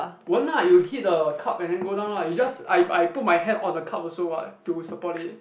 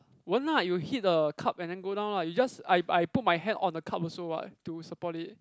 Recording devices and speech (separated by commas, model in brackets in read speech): boundary microphone, close-talking microphone, conversation in the same room